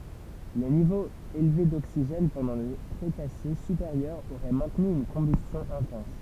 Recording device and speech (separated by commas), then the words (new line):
temple vibration pickup, read sentence
Les niveaux élevés d'oxygène pendant le Crétacé supérieur auraient maintenu une combustion intense.